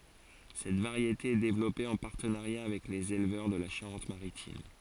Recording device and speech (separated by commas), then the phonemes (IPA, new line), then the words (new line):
forehead accelerometer, read sentence
sɛt vaʁjete ɛ devlɔpe ɑ̃ paʁtənaʁja avɛk lez elvœʁ də la ʃaʁɑ̃tmaʁitim
Cette variété est développée en partenariat avec les éleveurs de la Charente-Maritime.